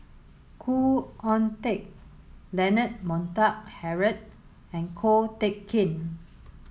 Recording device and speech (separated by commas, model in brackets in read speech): mobile phone (Samsung S8), read sentence